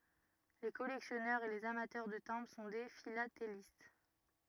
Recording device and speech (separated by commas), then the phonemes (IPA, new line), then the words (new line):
rigid in-ear microphone, read sentence
le kɔlɛksjɔnœʁz e lez amatœʁ də tɛ̃bʁ sɔ̃ de filatelist
Les collectionneurs et les amateurs de timbres sont des philatélistes.